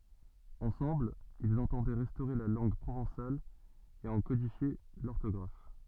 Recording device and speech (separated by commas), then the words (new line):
soft in-ear microphone, read sentence
Ensemble, ils entendaient restaurer la langue provençale et en codifier l'orthographe.